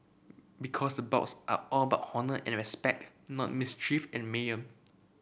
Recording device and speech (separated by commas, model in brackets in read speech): boundary microphone (BM630), read sentence